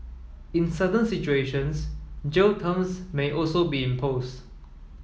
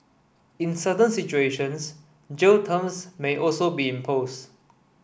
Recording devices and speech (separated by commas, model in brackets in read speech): mobile phone (iPhone 7), boundary microphone (BM630), read sentence